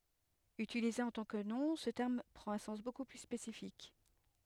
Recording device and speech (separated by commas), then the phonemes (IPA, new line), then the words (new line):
headset microphone, read sentence
ytilize ɑ̃ tɑ̃ kə nɔ̃ sə tɛʁm pʁɑ̃t œ̃ sɑ̃s boku ply spesifik
Utilisé en tant que nom, ce terme prend un sens beaucoup plus spécifique.